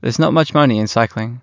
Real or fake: real